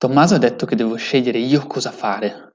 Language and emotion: Italian, angry